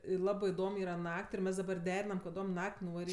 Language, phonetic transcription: Lithuanian, ˈlabɜ iˈdom ˈyra ˈnak't' ir ˈmes daˈbar ˈderinam kaˈdom ˈnak't' nuvaˈryt'

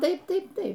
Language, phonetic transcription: Lithuanian, ˈtaip ˈtaip ˈtaip

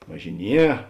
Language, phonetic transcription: Lithuanian, važiˈnie

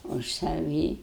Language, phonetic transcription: Lithuanian, už saˈvį

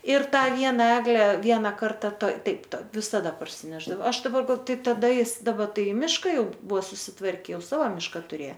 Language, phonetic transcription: Lithuanian, ir ˈtą ˈviena ˈegle ˈviena ˈkarta toi ˈtaip ˈtoj visaˈda parsiˈnešdavo ˈaš daˈbar gal ˈtaip taˈda ˈjis daˈba ˈtai i ˈmiška ˈjau ˈbuvo susiˈtvarke ˈjau ˈsavo ˈmiška tuˈrė

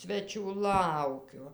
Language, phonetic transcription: Lithuanian, ˈsvečių ˈlaukiu

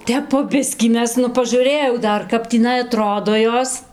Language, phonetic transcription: Lithuanian, ˈtep po ˈbiskį ˈmes nu paˈžūrɘjau ˈdar kap tįˈnai aˈtrodo ˈjos

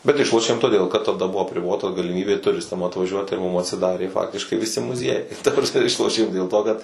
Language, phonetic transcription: Lithuanian, bet ˈišlošėm toˈdėl kad taˈda ˈbuvo apriˈbota galiˈmybė tuˈristam atvaˈžiuot ir mum atsiˈdarė ˈfaktiškai viˈsi muˈziejai ir ta prasˈme ˈišlošėm dėl to kad

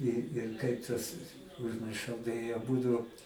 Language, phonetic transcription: Lithuanian, i ir ˈkaip tas užmirˈšau tai aˈbudu

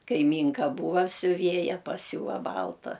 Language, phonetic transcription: Lithuanian, kaiˈmynka ˈbūva siuˈvėja paˈsiūva ˈbalta

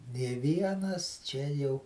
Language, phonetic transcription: Lithuanian, nė ˈvienas ˈčia jau

